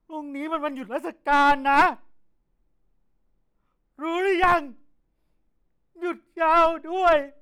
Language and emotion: Thai, sad